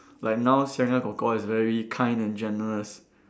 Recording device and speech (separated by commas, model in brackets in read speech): standing microphone, conversation in separate rooms